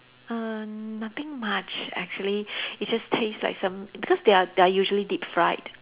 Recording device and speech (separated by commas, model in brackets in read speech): telephone, conversation in separate rooms